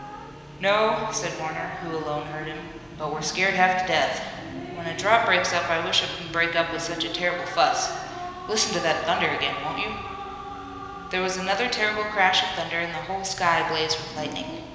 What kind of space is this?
A large, very reverberant room.